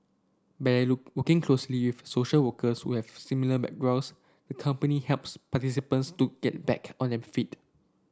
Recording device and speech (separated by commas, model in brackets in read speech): standing microphone (AKG C214), read sentence